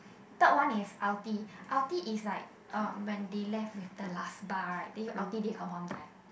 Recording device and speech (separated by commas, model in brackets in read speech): boundary microphone, conversation in the same room